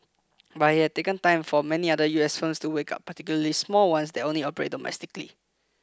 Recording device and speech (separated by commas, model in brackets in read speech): close-talking microphone (WH20), read sentence